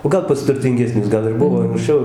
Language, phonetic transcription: Lithuanian, o ˈgal pas turtingeˈsnius ˈgal ir ˈbuvo ankˈsčiau

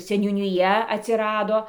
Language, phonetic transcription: Lithuanian, seniūniˈja atsiˈrado

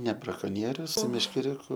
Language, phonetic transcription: Lithuanian, ne brakoˈnierius su meškeˈriuku

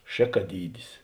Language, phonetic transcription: Lithuanian, ˈšėkaˌdydis

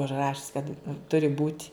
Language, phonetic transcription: Lithuanian, užˈrašis kad ˈturi būt'

